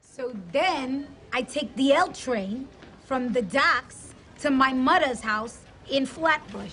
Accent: in Brooklyn accent